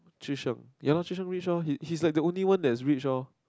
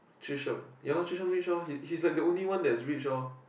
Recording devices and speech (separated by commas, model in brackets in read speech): close-talking microphone, boundary microphone, conversation in the same room